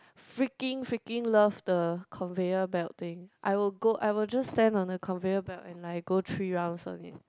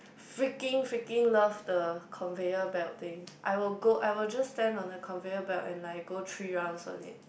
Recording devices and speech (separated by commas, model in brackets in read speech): close-talking microphone, boundary microphone, conversation in the same room